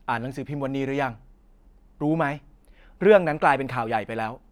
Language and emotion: Thai, frustrated